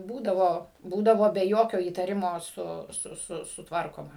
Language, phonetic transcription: Lithuanian, ˈbūdavo ˈbūdavo be ˈjokio įtaˈrimo ˈsu ˈsu ˈsu sutˈvarkoma

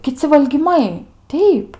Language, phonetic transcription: Lithuanian, kiˈci valgyˈmai ˈteip

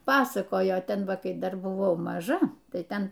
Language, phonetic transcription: Lithuanian, ˈpasakojo ˈten ˈva ˈkai ˈdar buˈvau maˈža ˈtai ˈten

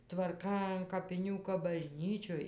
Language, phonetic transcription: Lithuanian, tvarˈka an kapiˈnių kap baˈžnyčioj

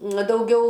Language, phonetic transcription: Lithuanian, ˈna dauˈgiau

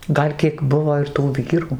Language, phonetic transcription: Lithuanian, ˈgal' kiek ˈbuvo ir tų ˈvyrų

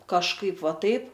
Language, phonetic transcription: Lithuanian, kažˈkaip ˈva ˈtaip

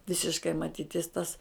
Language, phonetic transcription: Lithuanian, ˈvisiškai maˈtytis tas

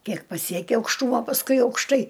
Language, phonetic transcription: Lithuanian, ˈkiek paˈsieki aukšˈtūmo pasˈkui aukšˈtai

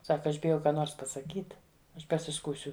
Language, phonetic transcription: Lithuanian, ˈsaka ˈaš biˈjau ˈką ˈnors pasaˈkyt ˈaš pasiˈskųsiu

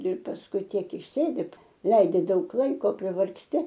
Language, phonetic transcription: Lithuanian, ir pasˈkui ˈtiek išˈsėdit ˈlaidi ˈdaug ˈlaiko privargsˈti

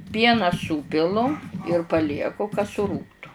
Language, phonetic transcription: Lithuanian, ˈpieną ˈsūpilu ir paˈlieku ka suˈrūgtu

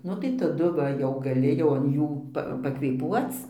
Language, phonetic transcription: Lithuanian, ˈnu tai taˈdu ˈva ˈjau gaˈli jau an ˈjų ˈpa pakvėˈpuoc

